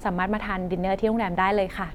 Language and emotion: Thai, neutral